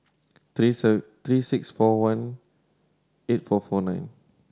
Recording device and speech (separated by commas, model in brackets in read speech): standing microphone (AKG C214), read sentence